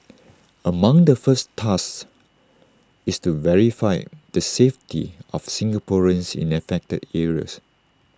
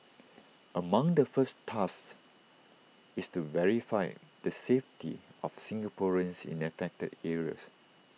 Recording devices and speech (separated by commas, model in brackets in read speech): standing microphone (AKG C214), mobile phone (iPhone 6), read sentence